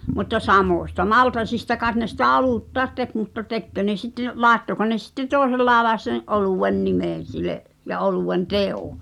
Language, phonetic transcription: Finnish, mutta "samòśta "maltasista kàet ne sitä "olùttaet 'tek mutta 'tekkö ne sitte , "laaᵉttoko ne sitte 'tòesel laaᵉlàes sen , '’olùwen "nimèn̬ sile’ , ja '’oluwen "teo ?
- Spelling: mutta samoista maltaista kai ne sitä oluttakin teki mutta tekikö ne sitten laittoiko ne sitten toisella lailla sen oluen nimen sille ja oluen teon

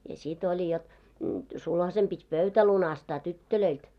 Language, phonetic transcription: Finnish, ja sit oĺi jot , 'sulhasem 'pit́ "pöutä lunastaa "tyttölöilt .
- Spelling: ja sitten oli jotta sulhasen piti pöytä lunastaa tytöiltä

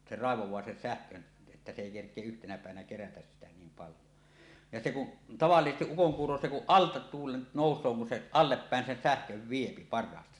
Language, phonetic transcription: Finnish, 'se "ràevoẁaa 'sen "sähkön , että se èi kerk̀ie' 'yhtenä pä̀evänä kerätäs sitä 'niim 'paljo , ja se kuˀ , 'tavallisestiˀ 'ˀukoŋkuuro se kuˀ "ˀalta 'tuulen nòus̀oo kun se "alleppä̀en sen 'sähköv 'viepi par̆raasta .
- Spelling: se raivaa sen sähkön että se ei kerkiä yhtenä päivänä kerätä sitä niin paljon ja se kun tavallisesti ukonkuuro se kun alta tuulen nousee kun se allepäin sen sähkön vie parhaasta

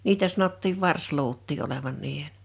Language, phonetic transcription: Finnish, 'niitä sanottiiv "vars'luut̆tii 'olevan 'niihen .
- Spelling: niitä sanottiin varsiluutia olevan niiden

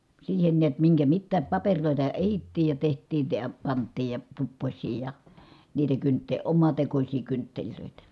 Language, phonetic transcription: Finnish, siihen niät miŋkä mittääp papeŕlòita ehittiij ja teht̀iin̬ ə ja pant̆tiij ja , tuppośsii ja , niitä kyntte- , omatekośii kyntteĺlö̀itä .
- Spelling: siihen näet minkä mitään papereita ehdittiin ja tehtiin - ja pantiin ja tupposia ja niitä - omatekoisia kynttilöitä

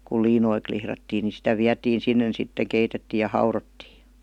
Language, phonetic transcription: Finnish, kul 'liinoi klihrattii ni 'sitä 'viätiin̬ sinnen sitte 'keitettiij̆ ja 'haurottii .
- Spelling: kun liinoja lihdattiin niin sitä vietiin sinne sitten keitettiin ja haudottiin

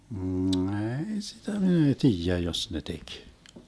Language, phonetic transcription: Finnish, 'eei 'sitä mi'n ‿ei "tiijä jos ne 'tek .
- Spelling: ei sitä minä ei tiedä jos ne teki

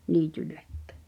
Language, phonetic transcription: Finnish, niitylläkkᴀ̳̈ .
- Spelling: niitylläkin

